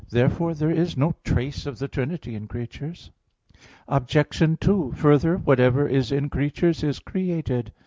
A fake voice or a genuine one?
genuine